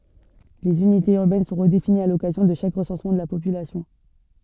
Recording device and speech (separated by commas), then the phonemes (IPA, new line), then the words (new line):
soft in-ear microphone, read sentence
lez ynitez yʁbɛn sɔ̃ ʁədefiniz a lɔkazjɔ̃ də ʃak ʁəsɑ̃smɑ̃ də la popylasjɔ̃
Les unités urbaines sont redéfinies à l’occasion de chaque recensement de la population.